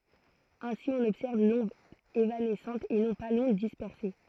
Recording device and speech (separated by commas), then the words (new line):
throat microphone, read sentence
Ainsi, on observe l'onde évanescente et non pas l'onde dispersée.